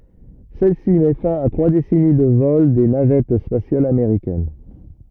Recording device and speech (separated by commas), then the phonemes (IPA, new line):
rigid in-ear microphone, read sentence
sɛl si mɛ fɛ̃ a tʁwa desɛni də vɔl de navɛt spasjalz ameʁikɛn